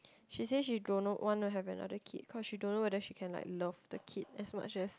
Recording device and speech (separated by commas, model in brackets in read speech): close-talking microphone, conversation in the same room